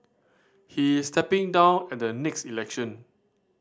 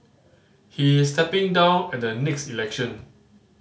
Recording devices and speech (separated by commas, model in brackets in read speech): standing microphone (AKG C214), mobile phone (Samsung C5010), read sentence